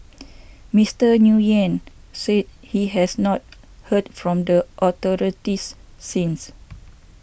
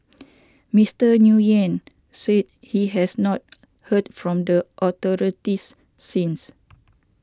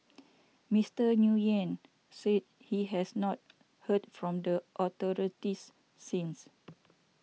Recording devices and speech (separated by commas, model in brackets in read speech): boundary microphone (BM630), standing microphone (AKG C214), mobile phone (iPhone 6), read sentence